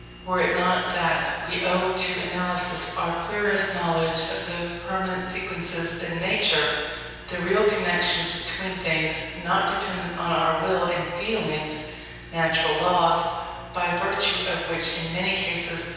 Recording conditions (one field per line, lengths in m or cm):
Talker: one person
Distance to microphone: 7.1 m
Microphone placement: far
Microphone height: 1.7 m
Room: very reverberant, large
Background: none